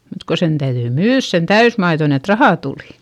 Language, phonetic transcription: Finnish, mut ko sen täyδyi myyδs sen täysmaiδon ‿et rahà tùli .
- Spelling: mutta kun sen täytyi myydä sen täysmaidon että rahaa tuli

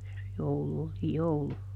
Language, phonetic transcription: Finnish, (ja se) ˈjoulu oli "joulu .
- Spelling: ja se joulu oli joulu

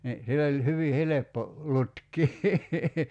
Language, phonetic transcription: Finnish, ni , 'sill ‿oĺ , 'hyvi "heleppo , 'lutk̀ii .
- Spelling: niin sillä oli hyvin helppo lutkia

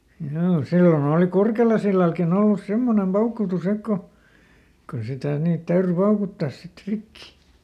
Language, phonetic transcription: Finnish, hjoo , ˈsilloˈn ‿ooli "Kurkelasillalkiˈn ‿ollus ˈsemmonem ˈpaukutu"s ‿ek ko , ko sitä̀ ˈniit ˈtäyry "paukuttas sit ˈrikki .
- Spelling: joo silloin oli Kurkelansillallakin ollut semmoinen paukutus että kun kun sitä niitä täytyi paukuttaa sitten rikki

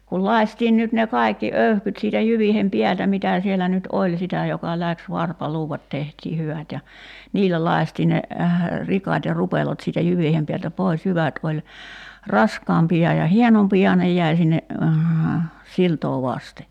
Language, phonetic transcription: Finnish, kul 'lai̬stiin nyt ne 'kai̬kki 'öyhkyt siitä 'jyviihem "piältä 'mitä̀ siellä nyt "oĺ 'sitä joka 'läks 'varpaluuvat tehtii "hyvät ja , 'niillä 'lai̬stiiⁿ ne , 'rikat ja 'rupelot siitä 'jyviihem piältä "pois 'jyvät oĺ , 'raskaampi₍a ja "hienompi₍a 'nej jäi sinne , 'siltoo "vaste .
- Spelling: kun lakaistiin nyt ne kaikki öyhkyt siitä jyvien päältä mitä siellä nyt oli sitä joka lähti varpaluudat tehtiin hyvät ja niillä lakaistiin ne rikat ja rupelot siitä jyvien päältä pois jyvät oli raskaampia ja hienompia ne jäi sinne siltaa vasten

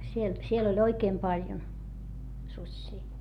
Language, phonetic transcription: Finnish, siel , siel ‿oĺ oikeem paljon , suśśii .
- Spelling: siellä siellä oli oikein paljon susia

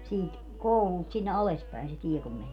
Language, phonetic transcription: Finnish, 'siit , "koulult sinne 'ales päi̮n se "tie kum 'mänie .
- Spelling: siitä koululta sinne alas päin se tie kun menee

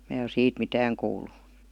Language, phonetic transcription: Finnish, mää o 'siit "mitääŋ kuul̀u .
- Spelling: minä ole siitä mitään kuullut

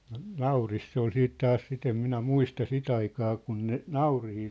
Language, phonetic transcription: Finnish, no , 'naurist se ‿ol 'siit 'taas 'sit ‿em 'minä "muista "sit ‿aikaa kun ne , "naurihii .
- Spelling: no naurista se oli sitten taas sitä en minä muista sitä aikaa kun ne nauriita

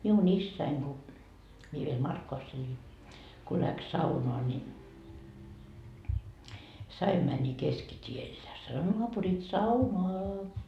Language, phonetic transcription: Finnish, miu'n ‿issäiŋ ku , mie viel "Markkovass ‿elin , ko läks 'saunoa ni , 's ‿aim mäni 'keskit́iel ja sano » noapurit "saunoa .
- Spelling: minun isäni kun minä vielä Markkovassa elin kun lähti saunaan niin se aina meni keskitielle ja sanoi naapurit saunaan

